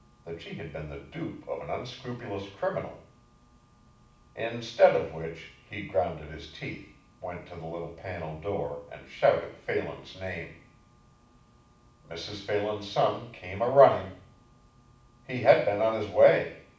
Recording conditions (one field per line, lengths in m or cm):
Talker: one person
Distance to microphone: 5.8 m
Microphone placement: far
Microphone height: 1.8 m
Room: medium-sized (5.7 m by 4.0 m)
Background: none